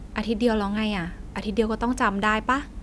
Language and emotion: Thai, frustrated